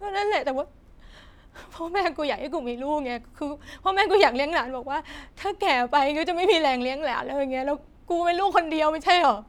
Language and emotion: Thai, sad